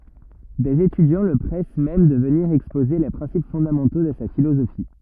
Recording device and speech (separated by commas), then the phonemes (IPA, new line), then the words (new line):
rigid in-ear microphone, read sentence
dez etydjɑ̃ lə pʁɛs mɛm də vəniʁ ɛkspoze le pʁɛ̃sip fɔ̃damɑ̃to də sa filozofi
Des étudiants le pressent même de venir exposer les principes fondamentaux de sa philosophie.